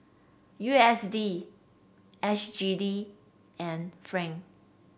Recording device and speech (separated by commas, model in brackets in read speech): boundary microphone (BM630), read sentence